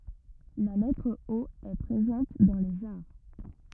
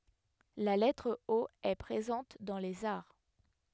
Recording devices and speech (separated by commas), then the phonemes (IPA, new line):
rigid in-ear microphone, headset microphone, read sentence
la lɛtʁ o ɛ pʁezɑ̃t dɑ̃ lez aʁ